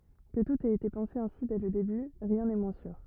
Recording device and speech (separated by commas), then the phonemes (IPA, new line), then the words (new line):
rigid in-ear microphone, read sentence
kə tut ɛt ete pɑ̃se ɛ̃si dɛ lə deby ʁjɛ̃ nɛ mwɛ̃ syʁ
Que tout ait été pensé ainsi dès le début, rien n'est moins sûr.